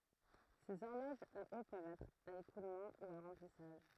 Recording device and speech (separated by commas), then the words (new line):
throat microphone, read sentence
Ces horloges à eau peuvent être à écoulement ou à remplissage.